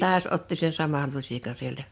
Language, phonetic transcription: Finnish, 'taas otti sen 'samal 'luśikan 'sieltä .
- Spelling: taas otti sen saman lusikan sieltä

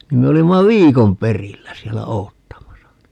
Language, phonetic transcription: Finnish, nim me 'olimma "viikon 'perillä siɛllä "oottamasa (ni) .
- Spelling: niin me olimme viikon perillä siellä odottamassa niin

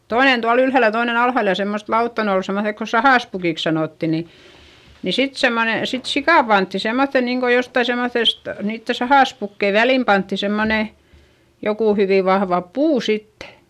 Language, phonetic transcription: Finnish, toinen tual ‿ylhä̀l ja toinen ‿alhàl ja semmost lautta - ne ol semmoϑek ko sahàspukìks sanòtti ni , ni sit semmone , sit sikà pantti semmoϑϑen niiŋko jottai semmoϑest , niitte sahàspukkei välim pantti semmone , jokù hyvì vahva puu sittE .
- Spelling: toinen tuolla ylhäällä ja toinen alhaalla ja semmoista lautaa ne oli semmoiset kun sahaspukiksi sanottiin niin niin sitten semmoinen sitten sika pantiin semmoiseen niin kuin jotakin semmoisesta niiden sahaspukkien väliin pantiin semmoinen joku hyvin vahva puu sitten

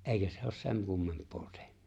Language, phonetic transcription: Finnish, ’èikä se ‿os "seŋ 'kummemp̀oo 'tehnʏ .
- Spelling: eikä se ole sen kummempaa tehnyt

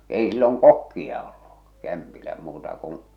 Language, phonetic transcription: Finnish, 'èi silloŋ "kokkia ollu , 'kämpilä muuta kuṵ ,.
- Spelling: ei silloin kokkia ollut kämpillä muuta kuin

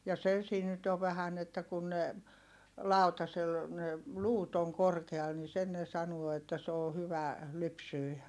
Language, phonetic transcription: Finnish, ja se siin nyt ov̆ vähän ‿että kun ne , làu̬tasel , ne , luut ‿oŋ korkeal ni sen ne sanuo että s ‿oo hyvä- , -lypsyi .
- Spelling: ja se siinä nyt on vähän että kun ne lautasella ne luut on korkealla niin sen ne sanoo että se on - hyvälypsyinen

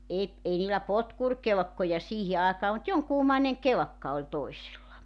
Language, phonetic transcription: Finnish, e- , 'ei niilä "potkurkelᵉkkoja 'siihi aakaa mut 'joŋkuumaineŋ "kelᵉkka oĺ toisilla .
- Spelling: - ei niillä potkurikelkkoja siihen aikaan mutta jonkunmoinen kelkka oli toisilla

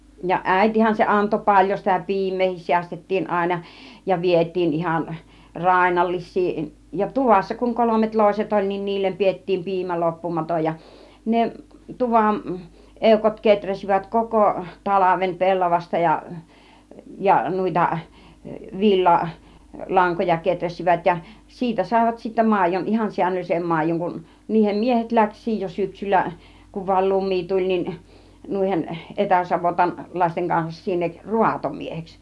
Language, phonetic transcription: Finnish, ja "ˀä̀itihän se anto 'paĺjo sitä "pi̬im̆meehis 'siästet̀tiin àina , ja 'viet̆tiin ihan , "r̀ainallis̆sii , ja "tuvassa kuŋ 'kolomet 'lòiset 'oĺ nin , 'niillem piettiim 'piimä 'loppumatoj ja , 'ne , 'tuvan , 'èukot keträsivät 'koko , 'talavem 'pellavasta ja , ja 'nùita , 'vil͕l͕a- , "laŋkoja 'keträsivät ja , 'siitä sàivat sittä 'màij̆jon , ihan 'siäǹöllisem 'máij̆joŋ kun , niihem 'miehet 'läks̆siij jo 'syksyllä , kuv vail 'lumì 'tuĺ nin , 'nùihen , 'etäsavotan- , --'làisteŋ kansas 'sinnek , 'ruatomieheks .
- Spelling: ja äitihän se antoi paljon sitä piimääkin säästettiin aina ja vietiin ihan rainnallisia ja tuvassa kun kolmet loiset oli niin niille pidettiin piimä loppumaton ja ne tuvan eukot kehräsivät koko talven pellavasta ja ja noita - villalankoja kehräsivät ja siitä saivat sitten maidon ihan säännöllisen maidon kun niiden miehet lähti jo syksyllä kun vain lumi tuli niin noiden - etäsavottalaisten kanssa sinne raatomieheksi

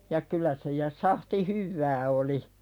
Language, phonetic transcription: Finnish, ja 'kylä se ja 'sahti "hyvvää oli .
- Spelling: ja kyllä se ja sahti hyvää oli

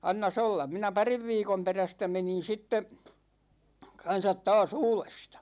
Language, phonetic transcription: Finnish, annas 'ollam̆ 'minä "pariv 'viikom 'perästä 'menin̬ 'sitte , 'kan̬sat "taas "uulestA .
- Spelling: annas olla minä parin viikon perästä menin sitten kanssa taas uudesta

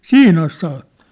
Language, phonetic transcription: Finnish, siin ‿as saa(ttᴏ) .
- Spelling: siihen asti saattoi

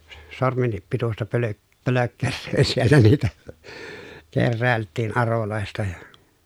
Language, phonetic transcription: Finnish, sormennip pitusta pölö- , pölökkerröö siellä niitä , kerrä̀elttiin arolòesta ja ,.
- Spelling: sormenkin pituista - pölkkeröä siellä niitä keräiltiin aroista ja

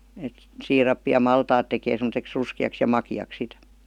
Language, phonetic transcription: Finnish, et , 'siirappi ja "maltaat tekee sem°teks 'ruski₍aks ja 'maki₍ak 'sit .
- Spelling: että siirappi ja maltaat tekee semmoiseksi ruskeaksi ja makeaksi sitten

